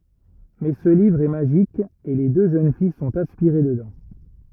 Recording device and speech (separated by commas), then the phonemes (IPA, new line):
rigid in-ear microphone, read sentence
mɛ sə livʁ ɛ maʒik e le dø ʒøn fij sɔ̃t aspiʁe dədɑ̃